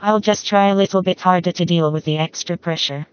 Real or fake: fake